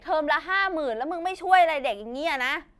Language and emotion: Thai, angry